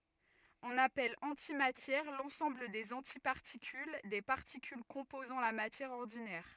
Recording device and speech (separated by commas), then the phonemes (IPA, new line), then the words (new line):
rigid in-ear microphone, read sentence
ɔ̃n apɛl ɑ̃timatjɛʁ lɑ̃sɑ̃bl dez ɑ̃tipaʁtikyl de paʁtikyl kɔ̃pozɑ̃ la matjɛʁ ɔʁdinɛʁ
On appelle antimatière l'ensemble des antiparticules des particules composant la matière ordinaire.